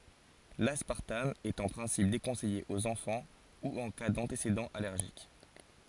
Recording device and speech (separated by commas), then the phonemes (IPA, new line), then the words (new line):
forehead accelerometer, read sentence
laspaʁtam ɛt ɑ̃ pʁɛ̃sip dekɔ̃sɛje oz ɑ̃fɑ̃ u ɑ̃ ka dɑ̃tesedɑ̃z alɛʁʒik
L'aspartame est en principe déconseillé aux enfants ou en cas d'antécédents allergiques.